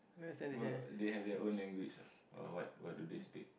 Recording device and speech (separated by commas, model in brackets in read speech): boundary microphone, conversation in the same room